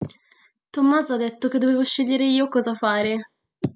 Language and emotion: Italian, fearful